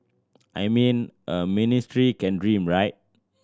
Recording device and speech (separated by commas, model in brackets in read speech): standing microphone (AKG C214), read sentence